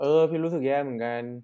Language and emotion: Thai, frustrated